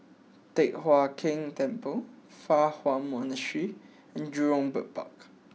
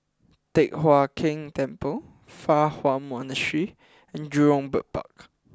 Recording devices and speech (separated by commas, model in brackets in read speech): mobile phone (iPhone 6), close-talking microphone (WH20), read sentence